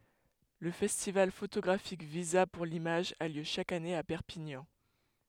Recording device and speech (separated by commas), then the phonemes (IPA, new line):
headset microphone, read sentence
lə fɛstival fotoɡʁafik viza puʁ limaʒ a ljø ʃak ane a pɛʁpiɲɑ̃